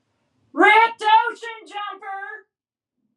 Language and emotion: English, neutral